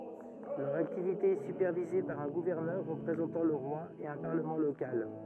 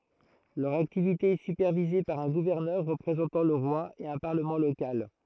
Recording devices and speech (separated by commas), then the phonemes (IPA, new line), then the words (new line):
rigid in-ear microphone, throat microphone, read sentence
lœʁ aktivite ɛ sypɛʁvize paʁ œ̃ ɡuvɛʁnœʁ ʁəpʁezɑ̃tɑ̃ lə ʁwa e œ̃ paʁləmɑ̃ lokal
Leur activité est supervisée par un gouverneur représentant le roi et un Parlement local.